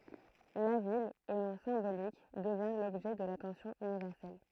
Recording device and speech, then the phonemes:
throat microphone, read sentence
la vil o nɔ̃ sɛ̃bolik dəvjɛ̃ lɔbʒɛ də latɑ̃sjɔ̃ ynivɛʁsɛl

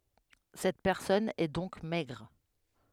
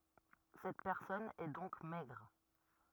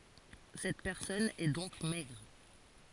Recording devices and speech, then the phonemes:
headset microphone, rigid in-ear microphone, forehead accelerometer, read sentence
sɛt pɛʁsɔn ɛ dɔ̃k mɛɡʁ

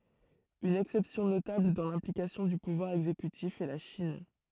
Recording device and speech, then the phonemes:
throat microphone, read sentence
yn ɛksɛpsjɔ̃ notabl dɑ̃ lɛ̃plikasjɔ̃ dy puvwaʁ ɛɡzekytif ɛ la ʃin

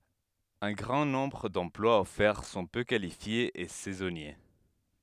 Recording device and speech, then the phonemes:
headset microphone, read sentence
œ̃ ɡʁɑ̃ nɔ̃bʁ dɑ̃plwaz ɔfɛʁ sɔ̃ pø kalifjez e sɛzɔnje

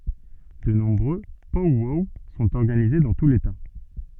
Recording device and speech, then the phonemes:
soft in-ear microphone, read sentence
də nɔ̃bʁø pɔw wɔw sɔ̃t ɔʁɡanize dɑ̃ tu leta

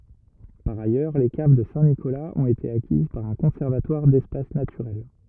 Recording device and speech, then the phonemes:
rigid in-ear microphone, read sentence
paʁ ajœʁ le kav də sɛ̃tnikolaz ɔ̃t ete akiz paʁ œ̃ kɔ̃sɛʁvatwaʁ dɛspas natyʁɛl

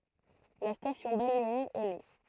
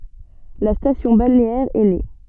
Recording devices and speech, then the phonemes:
throat microphone, soft in-ear microphone, read sentence
la stasjɔ̃ balneɛʁ ɛ ne

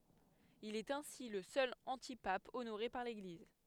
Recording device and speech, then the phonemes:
headset microphone, read sentence
il ɛt ɛ̃si lə sœl ɑ̃tipap onoʁe paʁ leɡliz

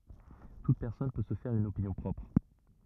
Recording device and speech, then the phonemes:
rigid in-ear microphone, read sentence
tut pɛʁsɔn pø sə fɛʁ yn opinjɔ̃ pʁɔpʁ

